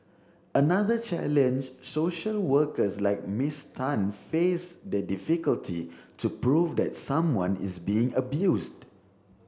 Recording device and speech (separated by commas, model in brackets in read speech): standing microphone (AKG C214), read sentence